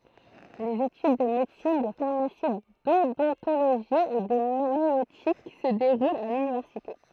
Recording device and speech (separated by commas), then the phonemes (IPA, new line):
throat microphone, read sentence
lez etyd də medəsin də faʁmasi dodɔ̃toloʒi e də majøtik sə deʁult a lynivɛʁsite